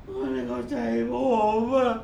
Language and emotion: Thai, sad